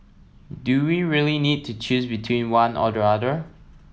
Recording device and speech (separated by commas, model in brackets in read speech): mobile phone (iPhone 7), read sentence